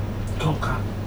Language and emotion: Thai, neutral